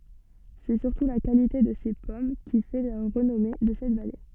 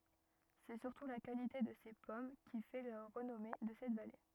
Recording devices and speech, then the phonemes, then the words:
soft in-ear microphone, rigid in-ear microphone, read sentence
sɛ syʁtu la kalite də se pɔm ki fɛ la ʁənɔme də sɛt vale
C'est surtout la qualité de ses pommes qui fait la renommée de cette vallée.

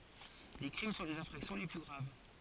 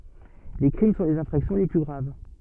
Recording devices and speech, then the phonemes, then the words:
forehead accelerometer, soft in-ear microphone, read sentence
le kʁim sɔ̃ lez ɛ̃fʁaksjɔ̃ le ply ɡʁav
Les crimes sont les infractions les plus graves.

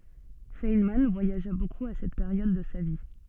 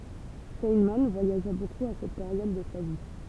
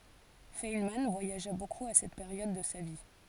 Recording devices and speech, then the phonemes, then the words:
soft in-ear microphone, temple vibration pickup, forehead accelerometer, read sentence
fɛnmɑ̃ vwajaʒa bokup a sɛt peʁjɔd də sa vi
Feynman voyagea beaucoup à cette période de sa vie.

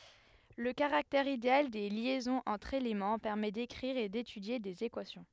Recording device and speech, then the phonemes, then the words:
headset microphone, read sentence
lə kaʁaktɛʁ ideal de ljɛzɔ̃z ɑ̃tʁ elemɑ̃ pɛʁmɛ dekʁiʁ e detydje dez ekwasjɔ̃
Le caractère idéal des liaisons entre éléments permet d'écrire et d'étudier des équations.

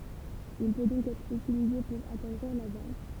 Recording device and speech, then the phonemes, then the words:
temple vibration pickup, read sentence
il pø dɔ̃k ɛtʁ ytilize puʁ atɑ̃dʁiʁ la vjɑ̃d
Il peut donc être utilisé pour attendrir la viande.

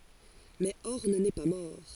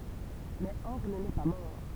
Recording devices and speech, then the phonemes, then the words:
forehead accelerometer, temple vibration pickup, read sentence
mɛ ɔʁn nɛ pa mɔʁ
Mais Horn n'est pas mort.

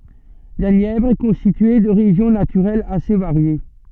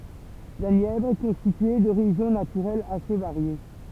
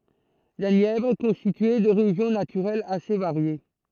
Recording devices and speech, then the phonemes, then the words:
soft in-ear microphone, temple vibration pickup, throat microphone, read sentence
la njɛvʁ ɛ kɔ̃stitye də ʁeʒjɔ̃ natyʁɛlz ase vaʁje
La Nièvre est constituée de régions naturelles assez variées.

